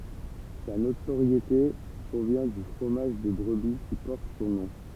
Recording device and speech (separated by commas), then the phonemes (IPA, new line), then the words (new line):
temple vibration pickup, read sentence
sa notoʁjete pʁovjɛ̃ dy fʁomaʒ də bʁəbi ki pɔʁt sɔ̃ nɔ̃
Sa notoriété provient du fromage de brebis qui porte son nom.